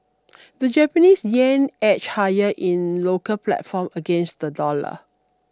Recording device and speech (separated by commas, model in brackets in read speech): standing microphone (AKG C214), read sentence